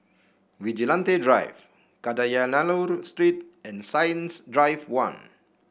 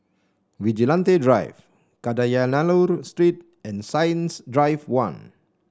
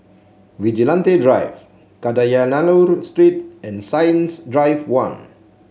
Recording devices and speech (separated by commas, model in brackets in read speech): boundary microphone (BM630), standing microphone (AKG C214), mobile phone (Samsung C7), read sentence